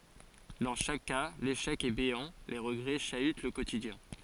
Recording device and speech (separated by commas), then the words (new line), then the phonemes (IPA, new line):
forehead accelerometer, read sentence
Dans chaque cas, l'échec est béant, les regrets chahutent le quotidien.
dɑ̃ ʃak ka leʃɛk ɛ beɑ̃ le ʁəɡʁɛ ʃayt lə kotidjɛ̃